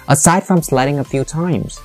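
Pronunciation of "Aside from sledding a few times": The voice fluctuates on 'a few times', and it sounds like the speaker is recalling how few times it was.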